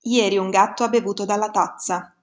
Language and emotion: Italian, neutral